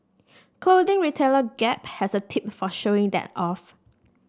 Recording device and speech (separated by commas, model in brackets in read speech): standing microphone (AKG C214), read sentence